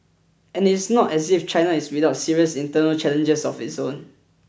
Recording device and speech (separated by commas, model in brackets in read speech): boundary microphone (BM630), read sentence